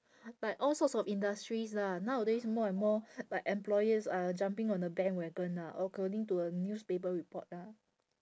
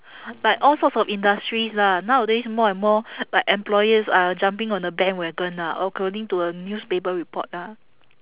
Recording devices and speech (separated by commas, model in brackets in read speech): standing microphone, telephone, conversation in separate rooms